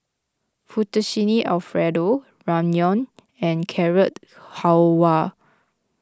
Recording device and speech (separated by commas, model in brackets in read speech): close-talking microphone (WH20), read sentence